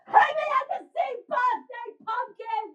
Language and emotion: English, angry